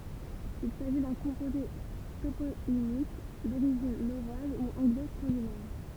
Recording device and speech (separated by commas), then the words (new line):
temple vibration pickup, read sentence
Il s'agit d'un composé toponymique d'origine norroise ou anglo-scandinave.